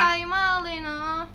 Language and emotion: Thai, frustrated